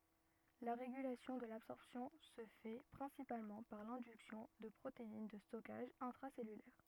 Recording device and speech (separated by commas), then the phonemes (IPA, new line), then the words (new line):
rigid in-ear microphone, read sentence
la ʁeɡylasjɔ̃ də labsɔʁpsjɔ̃ sə fɛ pʁɛ̃sipalmɑ̃ paʁ lɛ̃dyksjɔ̃ də pʁotein də stɔkaʒ ɛ̃tʁasɛlylɛʁ
La régulation de l'absorption se fait principalement par l'induction de protéines de stockage intracellulaires.